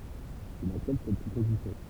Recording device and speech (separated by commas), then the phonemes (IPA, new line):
temple vibration pickup, read sentence
il aksɛpt sɛt pʁopozisjɔ̃